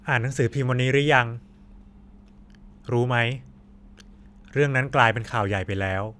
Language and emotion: Thai, neutral